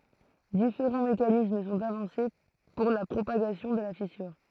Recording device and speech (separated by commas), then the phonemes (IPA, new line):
throat microphone, read sentence
difeʁɑ̃ mekanism sɔ̃t avɑ̃se puʁ la pʁopaɡasjɔ̃ də la fisyʁ